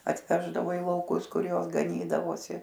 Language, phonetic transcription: Lithuanian, atˈveždavo i lauˈkus ˈkur ˈjos gaˈnydavosi

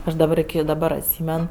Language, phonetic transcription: Lithuanian, ˈaš daˈbar iki daˈbar atˈsymen

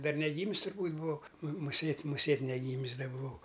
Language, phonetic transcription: Lithuanian, ˈdar neˈgymis turˈbūt' buˈvau mu muˈsėt' muˈsėt' neˈgymis ˈda buˈvau

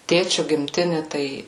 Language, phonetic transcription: Lithuanian, ˈtėčiu gimˈtini tai

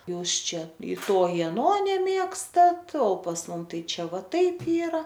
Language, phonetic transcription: Lithuanian, ˈjūs ˈčia i ˈto i aˈno neˈmėgstat o pas ˈmum ˈtai ˈčia ˈva ˈtaip ˈyra

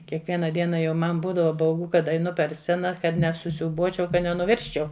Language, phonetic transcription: Lithuanian, kiekˈviena ˈdiena jau ˈman ˈbūdava bauˈgu ˈkad aiˈnu per ˈscena ˈkad nesusiūˈbuočiau ˈkad nenuˈvirsčiau

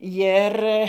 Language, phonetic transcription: Lithuanian, ˈjir

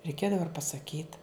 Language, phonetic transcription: Lithuanian, reiˈkėdava ir pasaˈkyt

